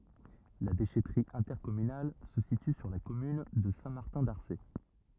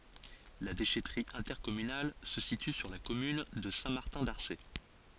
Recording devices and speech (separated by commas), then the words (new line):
rigid in-ear microphone, forehead accelerometer, read sentence
La déchèterie intercommunale se situe sur la commune de Saint-Martin-d'Arcé.